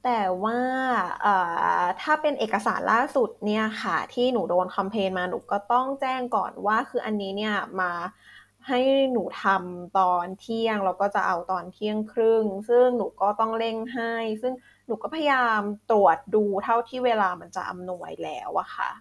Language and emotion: Thai, frustrated